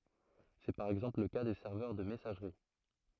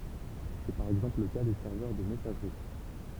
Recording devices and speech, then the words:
throat microphone, temple vibration pickup, read sentence
C'est par exemple le cas des serveurs de messagerie.

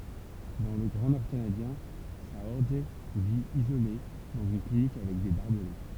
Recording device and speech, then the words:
temple vibration pickup, read sentence
Dans le grand nord canadien, Saorge vit, isolé, dans une clinique avec des barbelés.

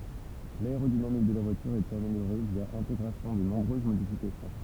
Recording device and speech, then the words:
temple vibration pickup, read sentence
L'aérodynamique de la voilure est améliorée via intégration de nombreuses modifications.

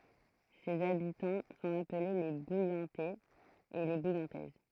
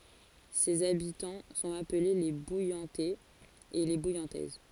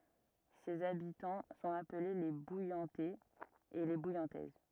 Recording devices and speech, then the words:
throat microphone, forehead accelerometer, rigid in-ear microphone, read sentence
Ses habitants sont appelés les Bouillantais et les Bouillantaises.

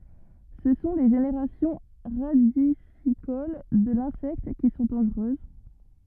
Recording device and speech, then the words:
rigid in-ear microphone, read sentence
Ce sont les générations radicicoles de l'insecte qui sont dangereuses.

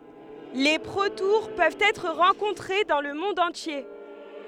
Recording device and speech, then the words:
headset microphone, read sentence
Les protoures peuvent être rencontrés dans le monde entier.

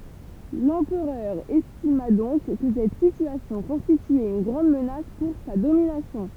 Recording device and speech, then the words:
temple vibration pickup, read sentence
L'empereur estima donc que cette situation constituait une grande menace pour sa domination.

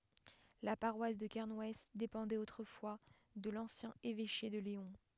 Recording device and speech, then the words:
headset microphone, read sentence
La paroisse de Kernouës dépendait autrefois de l'ancien évêché de Léon.

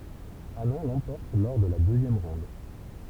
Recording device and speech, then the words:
temple vibration pickup, read sentence
Anand l'emporte lors de la deuxième ronde.

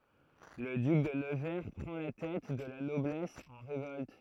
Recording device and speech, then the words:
throat microphone, read sentence
Le duc de Nevers prend la tête de la noblesse en révolte.

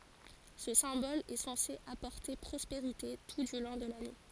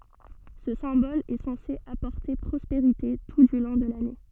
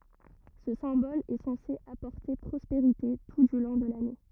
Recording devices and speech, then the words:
forehead accelerometer, soft in-ear microphone, rigid in-ear microphone, read sentence
Ce symbole est censé apporter prospérité tout du long de l'année.

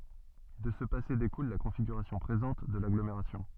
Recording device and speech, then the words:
soft in-ear microphone, read sentence
De ce passé découle la configuration présente de l'agglomération.

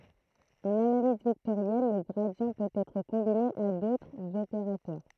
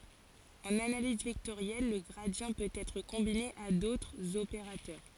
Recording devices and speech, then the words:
throat microphone, forehead accelerometer, read sentence
En analyse vectorielle, le gradient peut être combiné à d'autres opérateurs.

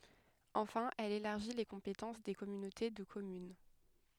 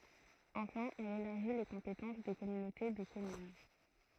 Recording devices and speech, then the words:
headset microphone, throat microphone, read sentence
Enfin, elle élargit les compétences des communautés de communes.

